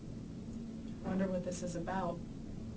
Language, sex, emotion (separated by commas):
English, female, fearful